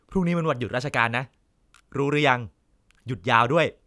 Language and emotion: Thai, neutral